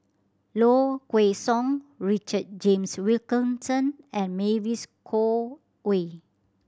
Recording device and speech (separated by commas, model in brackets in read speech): standing microphone (AKG C214), read sentence